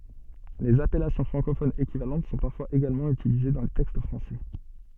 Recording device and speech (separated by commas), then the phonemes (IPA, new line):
soft in-ear microphone, read sentence
lez apɛlasjɔ̃ fʁɑ̃kofonz ekivalɑ̃t sɔ̃ paʁfwaz eɡalmɑ̃ ytilize dɑ̃ le tɛkst fʁɑ̃sɛ